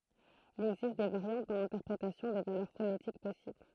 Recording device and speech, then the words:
throat microphone, read sentence
Il existe des variantes dans l'interprétation des valeurs phonétiques possibles.

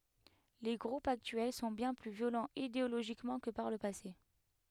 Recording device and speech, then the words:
headset microphone, read sentence
Les groupes actuels sont bien plus violents idéologiquement que par le passé.

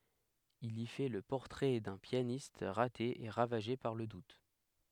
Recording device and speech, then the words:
headset microphone, read sentence
Il y fait le portrait d'un pianiste raté et ravagé par le doute.

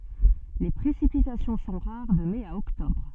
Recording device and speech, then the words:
soft in-ear microphone, read sentence
Les précipitations sont rares de mai à octobre.

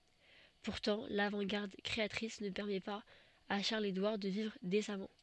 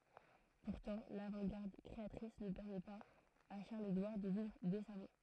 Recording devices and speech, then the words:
soft in-ear microphone, throat microphone, read sentence
Pourtant l'avant-garde créatrice ne permet pas à Charles-Édouard de vivre décemment.

